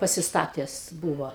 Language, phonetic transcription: Lithuanian, pasisˈtates ˈbūvo

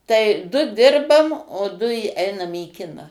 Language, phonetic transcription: Lithuanian, tai du ˈdirbam o ˈdu i ˈeinam į ˈkiną

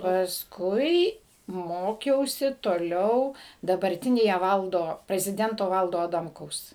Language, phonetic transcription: Lithuanian, pasˈkui ˈmokiausi toˈliau dabarˈtinėje ˈvaldo preziˈdento ˈvaldo aˈdamkaus

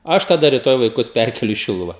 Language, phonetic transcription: Lithuanian, ˈaš taˈda riˈtoj vaiˈkus ˈpærkeliu į ˈšiluva

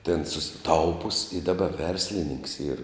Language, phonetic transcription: Lithuanian, tėn susiˈtaupus i daˈba ˈverslininks yr

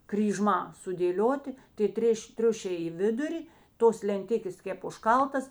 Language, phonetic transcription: Lithuanian, kryˈžmā sudėˈlioti tė ˈtrėš' ˈtriušiai i ˈviduri ˈtos lenˈtikės ˈkėp užˈkaltas

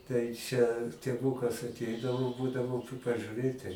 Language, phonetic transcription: Lithuanian, tai ˈčia tėˈvūkas aˈteidavo ˈbūdavo p pažiuˈrėti

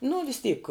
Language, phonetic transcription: Lithuanian, nu vis ˈtyk

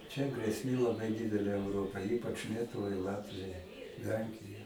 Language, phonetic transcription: Lithuanian, čia grėsˈmė laˈbai ˈdidelė euˈropai ˈypač ˈlietuvai ˈlatvijai ˈlenkija

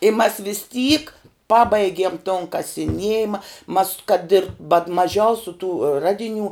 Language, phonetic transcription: Lithuanian, i mas vys tyk ˈpabaigiem ton kasiˈniejima mas kad ir bat maˈžiausiu tų ˈradiˌnių

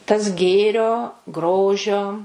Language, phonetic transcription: Lithuanian, tas ˈgėrio ˈgrožio

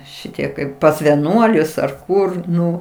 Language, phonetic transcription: Lithuanian, ˈšitie kaip pas veˈnuolius ar ˈkur ˈnu

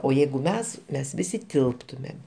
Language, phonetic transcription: Lithuanian, o ˈjeigu ˈmes ˈmes ˈvisi ˈtilptumėm

